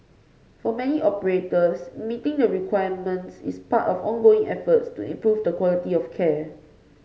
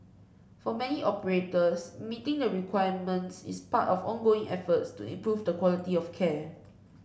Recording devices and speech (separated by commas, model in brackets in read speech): mobile phone (Samsung C5), boundary microphone (BM630), read sentence